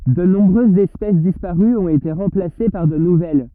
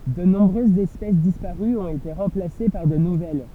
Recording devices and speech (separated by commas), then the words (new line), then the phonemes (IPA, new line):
rigid in-ear microphone, temple vibration pickup, read sentence
De nombreuses espèces disparues ont été remplacées par de nouvelles.
də nɔ̃bʁøzz ɛspɛs dispaʁyz ɔ̃t ete ʁɑ̃plase paʁ də nuvɛl